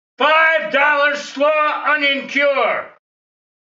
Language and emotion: English, angry